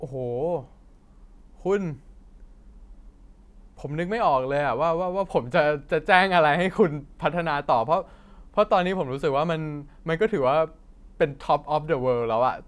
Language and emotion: Thai, happy